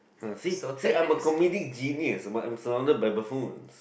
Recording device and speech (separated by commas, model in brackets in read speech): boundary microphone, conversation in the same room